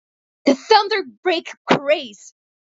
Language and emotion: English, disgusted